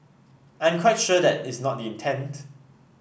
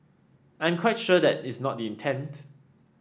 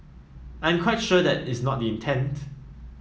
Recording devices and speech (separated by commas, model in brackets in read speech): boundary microphone (BM630), standing microphone (AKG C214), mobile phone (iPhone 7), read sentence